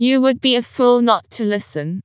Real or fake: fake